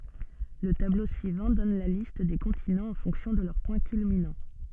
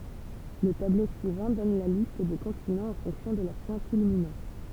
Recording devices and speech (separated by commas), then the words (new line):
soft in-ear microphone, temple vibration pickup, read sentence
Le tableau suivant donne la liste des continents en fonction de leur point culminant.